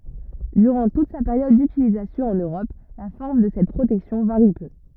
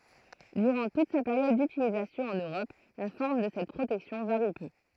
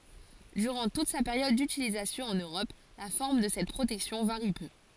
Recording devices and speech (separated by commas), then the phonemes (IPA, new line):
rigid in-ear microphone, throat microphone, forehead accelerometer, read sentence
dyʁɑ̃ tut sa peʁjɔd dytilizasjɔ̃ ɑ̃n øʁɔp la fɔʁm də sɛt pʁotɛksjɔ̃ vaʁi pø